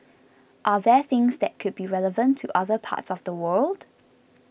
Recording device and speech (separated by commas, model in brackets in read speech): boundary microphone (BM630), read sentence